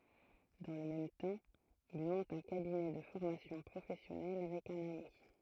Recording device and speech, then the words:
throat microphone, read sentence
Dans le même temps, il monte un cabinet de formation professionnelle avec un ami.

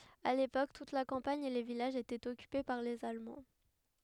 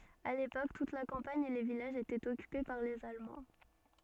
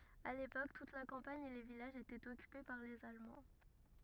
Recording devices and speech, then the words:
headset microphone, soft in-ear microphone, rigid in-ear microphone, read sentence
À l'époque, toute la campagne et les villages étaient occupés par les Allemands.

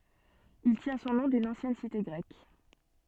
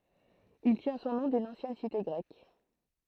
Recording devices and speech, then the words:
soft in-ear microphone, throat microphone, read sentence
Il tient son nom d'une ancienne cité grecque.

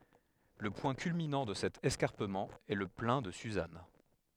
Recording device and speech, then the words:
headset microphone, read sentence
Le point culminant de cet escarpement est le Plain de Suzâne.

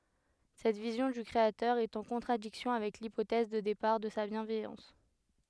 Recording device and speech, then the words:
headset microphone, read sentence
Cette vision du Créateur est en contradiction avec l'hypothèse de départ de sa bienveillance.

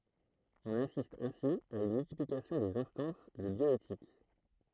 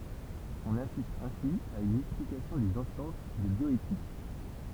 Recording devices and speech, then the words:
throat microphone, temple vibration pickup, read sentence
On assiste ainsi à une multiplication des instances de bioéthique.

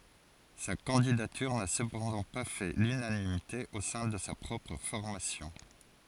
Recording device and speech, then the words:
forehead accelerometer, read sentence
Sa candidature n'a cependant pas fait l'unanimité au sein de sa propre formation.

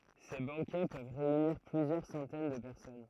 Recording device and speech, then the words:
throat microphone, read sentence
Ces banquets peuvent réunir plusieurs centaines de personnes.

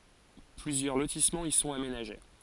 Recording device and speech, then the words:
forehead accelerometer, read sentence
Plusieurs lotissements y sont aménagés.

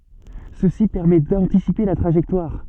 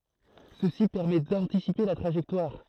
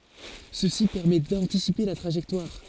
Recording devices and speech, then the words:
soft in-ear microphone, throat microphone, forehead accelerometer, read sentence
Ceci permet d'anticiper la trajectoire.

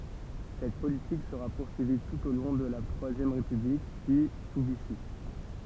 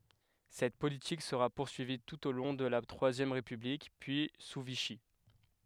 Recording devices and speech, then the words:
temple vibration pickup, headset microphone, read sentence
Cette politique sera poursuivie tout au long de la Troisième République, puis sous Vichy.

